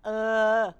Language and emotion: Thai, neutral